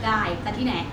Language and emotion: Thai, frustrated